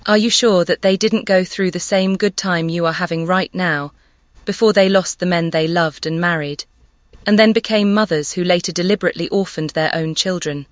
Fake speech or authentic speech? fake